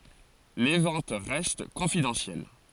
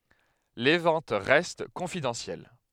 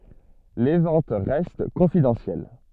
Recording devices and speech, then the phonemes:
forehead accelerometer, headset microphone, soft in-ear microphone, read sentence
le vɑ̃t ʁɛst kɔ̃fidɑ̃sjɛl

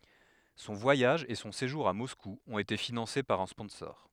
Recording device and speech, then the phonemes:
headset microphone, read sentence
sɔ̃ vwajaʒ e sɔ̃ seʒuʁ a mɔsku ɔ̃t ete finɑ̃se paʁ œ̃ spɔ̃sɔʁ

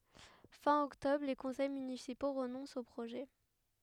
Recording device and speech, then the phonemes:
headset microphone, read sentence
fɛ̃ ɔktɔbʁ le kɔ̃sɛj mynisipo ʁənɔ̃st o pʁoʒɛ

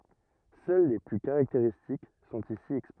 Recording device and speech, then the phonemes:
rigid in-ear microphone, read sentence
sœl le ply kaʁakteʁistik sɔ̃t isi ɛkspoze

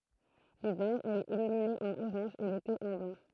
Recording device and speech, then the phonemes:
throat microphone, read sentence
livɛʁ ɛl ɛt ilymine ɑ̃n oʁɑ̃ʒ e lete ɑ̃ blɑ̃

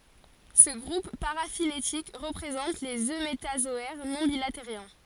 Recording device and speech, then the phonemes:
forehead accelerometer, read sentence
sə ɡʁup paʁafiletik ʁəpʁezɑ̃t lez ømetazɔɛʁ nɔ̃ bilateʁjɛ̃

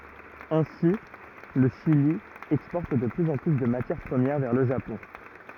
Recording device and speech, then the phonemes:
rigid in-ear microphone, read sentence
ɛ̃si lə ʃili ɛkspɔʁt də plyz ɑ̃ ply də matjɛʁ pʁəmjɛʁ vɛʁ lə ʒapɔ̃

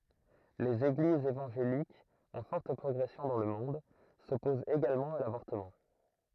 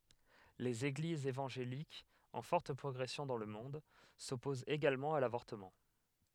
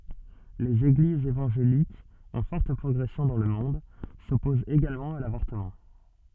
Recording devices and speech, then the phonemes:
throat microphone, headset microphone, soft in-ear microphone, read sentence
lez eɡlizz evɑ̃ʒelikz ɑ̃ fɔʁt pʁɔɡʁɛsjɔ̃ dɑ̃ lə mɔ̃d sɔpozt eɡalmɑ̃ a lavɔʁtəmɑ̃

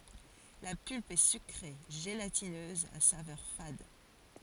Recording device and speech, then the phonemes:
forehead accelerometer, read sentence
la pylp ɛ sykʁe ʒelatinøz a savœʁ fad

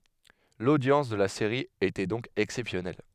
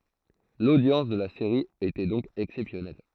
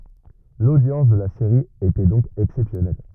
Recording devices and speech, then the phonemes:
headset microphone, throat microphone, rigid in-ear microphone, read sentence
lodjɑ̃s də la seʁi etɛ dɔ̃k ɛksɛpsjɔnɛl

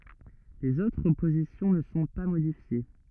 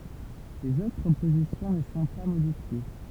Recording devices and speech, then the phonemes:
rigid in-ear microphone, temple vibration pickup, read sentence
lez otʁ pozisjɔ̃ nə sɔ̃ pa modifje

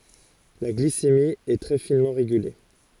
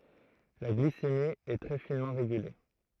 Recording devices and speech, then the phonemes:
forehead accelerometer, throat microphone, read sentence
la ɡlisemi ɛ tʁɛ finmɑ̃ ʁeɡyle

